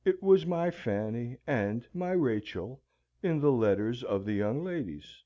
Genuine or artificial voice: genuine